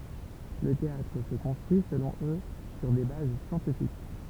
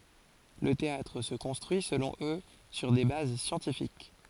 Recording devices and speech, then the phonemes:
temple vibration pickup, forehead accelerometer, read sentence
lə teatʁ sə kɔ̃stʁyi səlɔ̃ ø syʁ de baz sjɑ̃tifik

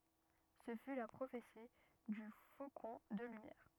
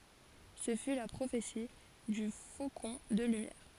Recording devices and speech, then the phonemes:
rigid in-ear microphone, forehead accelerometer, read sentence
sə fy la pʁofeti dy fokɔ̃ də lymjɛʁ

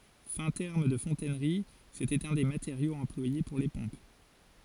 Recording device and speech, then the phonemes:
forehead accelerometer, read sentence
fɛ̃ tɛʁm də fɔ̃tɛnʁi setɛt œ̃ de mateʁjoz ɑ̃plwaje puʁ le pɔ̃p

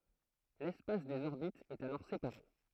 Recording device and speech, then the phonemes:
throat microphone, read sentence
lɛspas dez ɔʁbitz ɛt alɔʁ sepaʁe

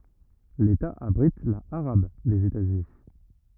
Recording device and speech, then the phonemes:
rigid in-ear microphone, read sentence
leta abʁit la aʁab dez etazyni

